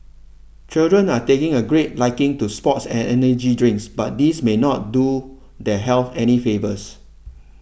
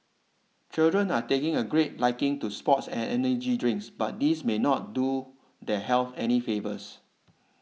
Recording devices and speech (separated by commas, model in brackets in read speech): boundary microphone (BM630), mobile phone (iPhone 6), read sentence